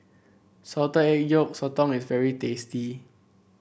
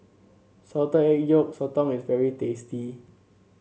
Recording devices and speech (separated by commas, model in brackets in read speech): boundary microphone (BM630), mobile phone (Samsung C7), read sentence